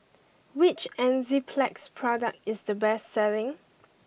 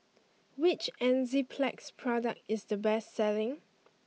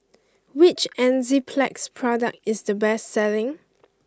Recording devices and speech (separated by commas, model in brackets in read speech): boundary microphone (BM630), mobile phone (iPhone 6), close-talking microphone (WH20), read sentence